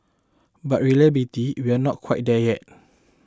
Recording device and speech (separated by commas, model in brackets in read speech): close-talking microphone (WH20), read sentence